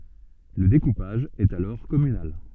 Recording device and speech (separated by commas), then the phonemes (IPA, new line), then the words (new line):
soft in-ear microphone, read sentence
lə dekupaʒ ɛt alɔʁ kɔmynal
Le découpage est alors communal.